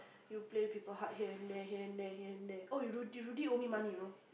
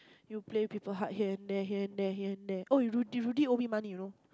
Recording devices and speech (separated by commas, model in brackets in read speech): boundary microphone, close-talking microphone, conversation in the same room